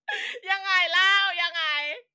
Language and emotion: Thai, happy